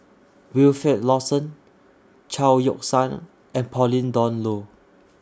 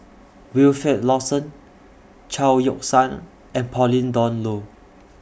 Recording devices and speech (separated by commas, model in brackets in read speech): standing microphone (AKG C214), boundary microphone (BM630), read sentence